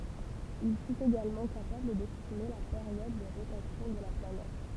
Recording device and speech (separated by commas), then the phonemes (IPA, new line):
temple vibration pickup, read sentence
il fyt eɡalmɑ̃ kapabl dɛstime la peʁjɔd də ʁotasjɔ̃ də la planɛt